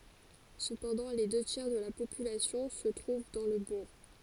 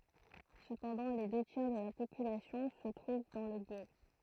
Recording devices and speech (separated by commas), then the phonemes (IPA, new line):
forehead accelerometer, throat microphone, read sentence
səpɑ̃dɑ̃ le dø tjɛʁ də la popylasjɔ̃ sə tʁuv dɑ̃ lə buʁ